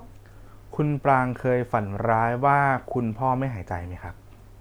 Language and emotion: Thai, neutral